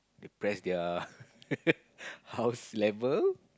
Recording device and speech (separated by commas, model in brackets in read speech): close-talking microphone, conversation in the same room